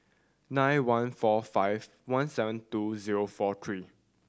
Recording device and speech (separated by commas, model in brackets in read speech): standing microphone (AKG C214), read sentence